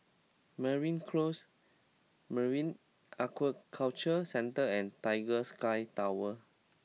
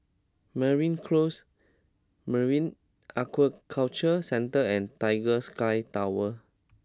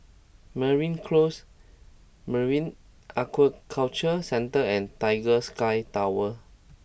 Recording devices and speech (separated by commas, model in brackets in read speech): mobile phone (iPhone 6), close-talking microphone (WH20), boundary microphone (BM630), read sentence